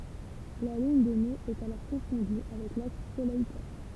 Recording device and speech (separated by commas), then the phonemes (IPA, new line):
temple vibration pickup, read sentence
la liɲ de nøz ɛt alɔʁ kɔ̃fɔ̃dy avɛk laks solɛj tɛʁ